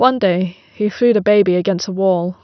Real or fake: real